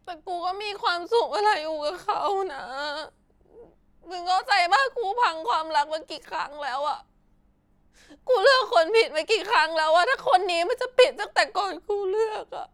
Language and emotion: Thai, sad